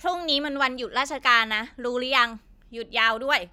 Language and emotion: Thai, frustrated